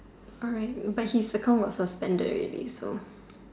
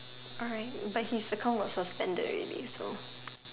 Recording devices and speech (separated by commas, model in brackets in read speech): standing microphone, telephone, conversation in separate rooms